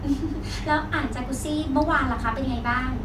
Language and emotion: Thai, happy